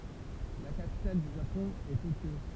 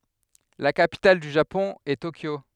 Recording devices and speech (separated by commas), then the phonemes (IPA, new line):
temple vibration pickup, headset microphone, read sentence
la kapital dy ʒapɔ̃ ɛ tokjo